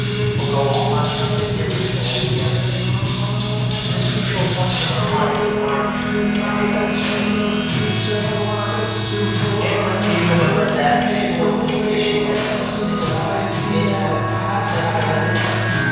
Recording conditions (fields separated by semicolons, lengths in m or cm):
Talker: one person; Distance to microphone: 7.1 m; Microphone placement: far; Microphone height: 1.7 m; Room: very reverberant, large; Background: music